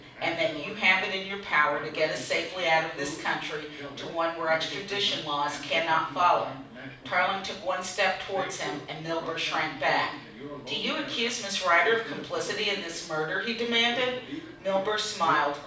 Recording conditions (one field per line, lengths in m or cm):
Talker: one person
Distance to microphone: 5.8 m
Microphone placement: far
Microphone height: 1.8 m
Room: medium-sized (5.7 m by 4.0 m)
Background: television